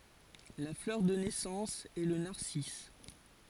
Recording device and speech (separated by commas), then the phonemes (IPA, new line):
forehead accelerometer, read sentence
la flœʁ də nɛsɑ̃s ɛ lə naʁsis